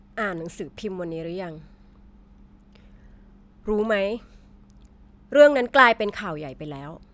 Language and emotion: Thai, frustrated